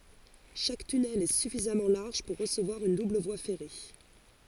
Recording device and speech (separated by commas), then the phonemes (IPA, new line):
forehead accelerometer, read sentence
ʃak tynɛl ɛ syfizamɑ̃ laʁʒ puʁ ʁəsəvwaʁ yn dubl vwa fɛʁe